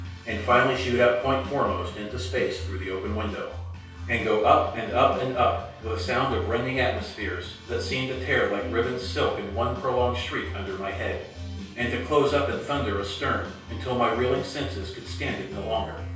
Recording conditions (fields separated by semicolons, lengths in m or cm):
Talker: one person; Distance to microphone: 3.0 m; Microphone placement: far; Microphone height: 1.8 m; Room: small (3.7 m by 2.7 m); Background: music